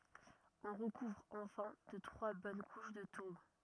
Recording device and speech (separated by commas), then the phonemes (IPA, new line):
rigid in-ear microphone, read sentence
ɔ̃ ʁəkuvʁ ɑ̃fɛ̃ də tʁwa bɔn kuʃ də tuʁb